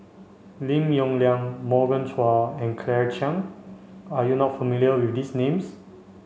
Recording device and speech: mobile phone (Samsung C5), read sentence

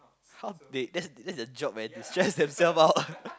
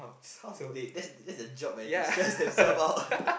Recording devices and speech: close-talking microphone, boundary microphone, conversation in the same room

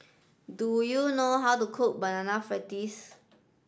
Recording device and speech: standing microphone (AKG C214), read sentence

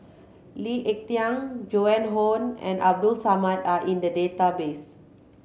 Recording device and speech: mobile phone (Samsung C7100), read sentence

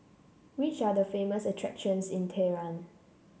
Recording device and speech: mobile phone (Samsung C7), read sentence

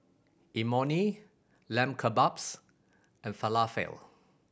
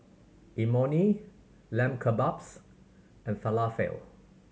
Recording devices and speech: boundary microphone (BM630), mobile phone (Samsung C7100), read sentence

